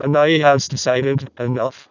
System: VC, vocoder